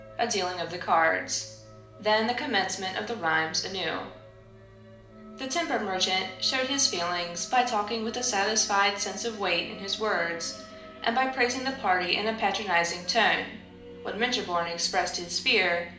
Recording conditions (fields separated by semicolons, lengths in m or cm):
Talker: one person; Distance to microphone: 2.0 m; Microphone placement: close; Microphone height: 99 cm; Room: medium-sized (5.7 m by 4.0 m); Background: music